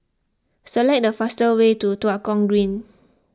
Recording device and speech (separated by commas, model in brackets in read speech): close-talking microphone (WH20), read sentence